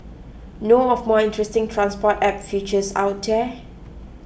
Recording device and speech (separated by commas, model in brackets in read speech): boundary microphone (BM630), read sentence